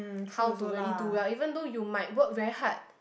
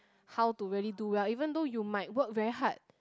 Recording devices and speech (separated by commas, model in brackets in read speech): boundary microphone, close-talking microphone, conversation in the same room